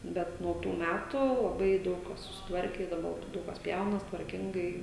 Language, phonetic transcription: Lithuanian, ˈbet nuo ˈtų ˈmætu laˈbai ˈdaug kas susitˈvarke i daˈba ˈdaug kas ˈpjaunas tvarˈkingai

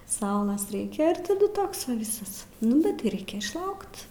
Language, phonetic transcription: Lithuanian, ˈsaulas ˈreikia ir taˈdu ˈtoks va ˈvisas ˈnu bet tai ˈraikia išˈlaukt

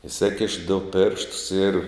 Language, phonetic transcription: Lithuanian, iˈsėkiš du ˈpėrštus ir

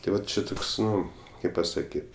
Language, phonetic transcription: Lithuanian, tai ˈvat či ˈtoks ˈnu ˈkaip pasaˈkyt

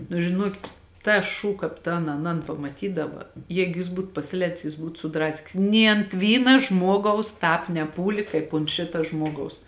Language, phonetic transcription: Lithuanian, nu žiˈnuokit ˈtas ˈšū ˈkāp tan aˈnan pamaˈtydava ˈjeigu jis ˈbūt pasiˈlēdis jis ˈbūt suˈdraskis nė ant ˈvyna ˈžmuogaus ˈtāp neˈpūli kaip ont ˈšita ˈžmuogaus

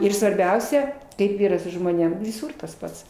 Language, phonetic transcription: Lithuanian, ir svarˈbiausia ˈkaip ˈyra su žmoˈnėm viˈsūr tas ˈpats

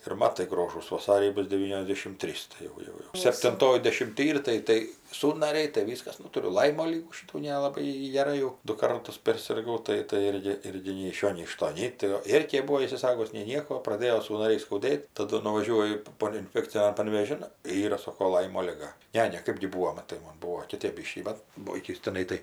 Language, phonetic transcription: Lithuanian, ir ˈmatai ˈgrožūs vaˈsarį ˈbus deˈvyniosˌdėšim ˈtrys tai ˈjau ˈjau jau septinˈtoj dešimˈty ˈyr ˈtai ˈtai ˈsųnariai tai ˈvyskas ˈnu tuˈriu ˈlaimo ˈlygų ˈšitų nelaˈbai gi geˈrai jau du ˈkartus persirˈgau ˈtai tai ˈirgi ˈirgi nei iš ˈšio nei iš ˈto ˈnei tai o ˈėrkė ˈbuo isiˈsagus nei ˈnieko o praˈdėjo sųnaˈriai skauˈdėt taˈdu nuvaˈžiuoju paˈpuolio inˈfekcinian panvėˈžin ˈyra ˈsoko ˈlaimo liˈga ˈne ˈne ˈkɜpgi ˈbūvo maˈtai ˈmon ˈbūvo kiˈtėp ˈbyškį ˈbat ˈbuo ˈokis teˈnai tai

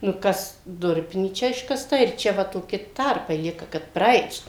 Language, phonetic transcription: Lithuanian, nu ˈkas ˈdurpinyčia iškasˈta ir ˈčia va toˈki ˈtarpai ˈlieka kad praˈait

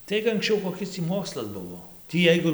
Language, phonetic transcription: Lithuanian, ˈtaig anksˈčiau koˈkis tį ˈmokslas ˈbuvo ˈtį ˈjeigu

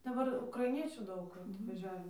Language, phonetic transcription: Lithuanian, daˈbar ukraiˈniečių ˈdaug atvaˈžiave

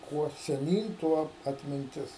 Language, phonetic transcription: Lithuanian, ˈkuo seˈnyn ˈtuo atminˈtis

